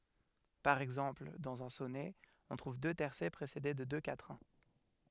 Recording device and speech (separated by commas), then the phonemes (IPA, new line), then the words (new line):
headset microphone, read sentence
paʁ ɛɡzɑ̃pl dɑ̃z œ̃ sɔnɛ ɔ̃ tʁuv dø tɛʁsɛ pʁesede də dø katʁɛ̃
Par exemple, dans un sonnet, on trouve deux tercets précédés de deux quatrains.